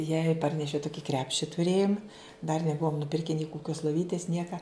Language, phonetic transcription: Lithuanian, jai ˈparnešiau ˈtuki ˈkrepši tuˈrėjum dar neˈbuom nuˈpirke nei kuˈkios loˈvytis ˈnieka

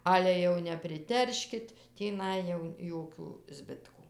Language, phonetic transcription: Lithuanian, ˈale jau nepriˈterškit tįˈnai jau ˈjokių ˈzbitkų

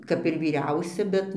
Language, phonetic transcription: Lithuanian, ˈkap ir vyˈriausia ˈbet

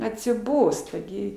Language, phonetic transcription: Lithuanian, atsiˈbosta gi

